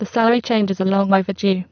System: VC, spectral filtering